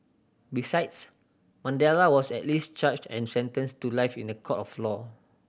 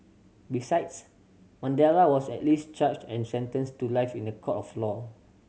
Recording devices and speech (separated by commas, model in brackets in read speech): boundary microphone (BM630), mobile phone (Samsung C7100), read sentence